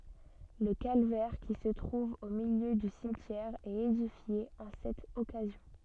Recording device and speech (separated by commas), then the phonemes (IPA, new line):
soft in-ear microphone, read sentence
lə kalvɛʁ ki sə tʁuv o miljø dy simtjɛʁ ɛt edifje ɑ̃ sɛt ɔkazjɔ̃